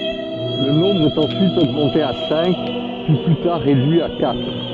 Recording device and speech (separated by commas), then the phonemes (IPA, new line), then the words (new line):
soft in-ear microphone, read sentence
lə nɔ̃bʁ ɛt ɑ̃syit oɡmɑ̃te a sɛ̃k pyi ply taʁ ʁedyi a katʁ
Le nombre est ensuite augmenté à cinq, puis plus tard réduit à quatre.